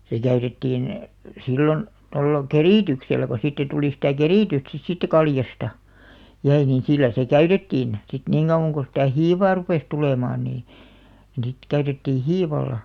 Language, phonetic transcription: Finnish, 'se käytettiin , 'sillon , tolla , "kerìtyksellä ko 'siittä tuli sitä̀ "kerìtyst sit siittä 'kaljasta , 'jäi nin 'sillä se "käytettiin , sit 'niŋ ɢauʷaŋ ɢo sitä̀ "hiivaa 'rupès 'tulèmaan nii , sit 'käytettii "hiival̆§la .
- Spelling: se käytettiin silloin tuolla kerityksellä kun siitä tuli sitä keritystä sitten siitä kaljasta jäi niin sillä se käytettiin sitten niin kauan kuin sitä hiivaa rupesi tulemaan niin sitten käytettiin hiivalla

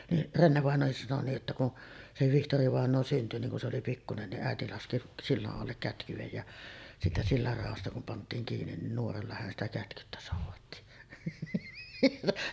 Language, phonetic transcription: Finnish, niˀ , "Rennevàeǹoohis sano nii’ ’että kun , se 'Vihtorivàeǹoo synty niŋ kun se oli "pikkunen niˀ 'ˀäeti laski "sillaˀ 'ˀallek 'kätkyvej ja , siitä sillar 'ràosta kum pant̆tiiŋ kiinin nin 'nuoralla hän ‿stä 'kätkyttä sòuvatti .
- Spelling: niin Renne-vainajakin sanoi niin että kun se Vihtori-vainaja syntyi niin kun se oli pikkuinen niin äiti laski sillan alle kätkyen ja siitä sillan raosta kun pantiin kiinni niin nuoralla hän sitä kätkytti soudatti

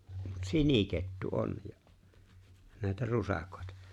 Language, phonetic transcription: Finnish, mut "sinikettu '’on ja , nä̀etä 'rusàkᴏ̀ᴇtᴀ .
- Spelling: mutta sinikettu on ja näitä rusakoita

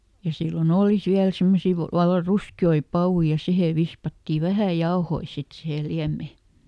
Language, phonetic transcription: Finnish, ja ˈsillo"n ‿ooli ˈsiäl ˈsimmosi va- , valla "ruski₍oi ˈpawui ja ˈsihè vispatti "vähä̀ ˈjaohoi ˈsit sihe ˈliämme .
- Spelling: ja silloin oli siellä semmoisia - vallan ruskeita papuja ja siihen vispattiin vähän jauhoja sitten siihen liemeen

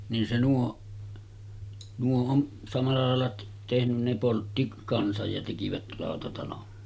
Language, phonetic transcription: Finnish, nin se nuo , 'nuo on , samal̳§a làel̳§a tehnyn ne 'poltti kansaj ja tekivät 'làotatalon .
- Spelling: niin se nuo nuo on samalla lailla tehnyt ne poltti kanssa ja tekivät lautatalon

